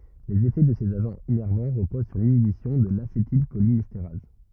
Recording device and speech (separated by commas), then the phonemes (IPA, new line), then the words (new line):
rigid in-ear microphone, read sentence
lez efɛ də sez aʒɑ̃z inɛʁvɑ̃ ʁəpoz syʁ linibisjɔ̃ də lasetilʃolinɛsteʁaz
Les effets de ces agents innervants reposent sur l'inhibition de l'acétylcholinestérase.